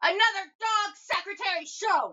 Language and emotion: English, angry